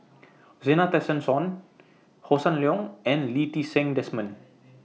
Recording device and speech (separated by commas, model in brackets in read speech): mobile phone (iPhone 6), read sentence